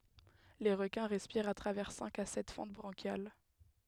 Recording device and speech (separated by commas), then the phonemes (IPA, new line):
headset microphone, read sentence
le ʁəkɛ̃ ʁɛspiʁt a tʁavɛʁ sɛ̃k a sɛt fɑ̃t bʁɑ̃ʃjal